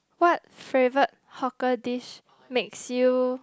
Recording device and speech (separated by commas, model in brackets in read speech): close-talking microphone, conversation in the same room